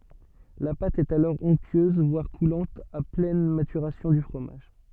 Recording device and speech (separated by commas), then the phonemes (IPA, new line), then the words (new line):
soft in-ear microphone, read sentence
la pat ɛt alɔʁ ɔ̃ktyøz vwaʁ kulɑ̃t a plɛn matyʁasjɔ̃ dy fʁomaʒ
La pâte est alors onctueuse voire coulante à pleine maturation du fromage.